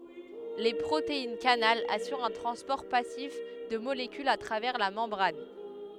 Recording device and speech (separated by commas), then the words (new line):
headset microphone, read sentence
Les protéines-canal assurent un transport passif de molécules à travers la membrane.